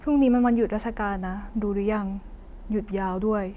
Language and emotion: Thai, sad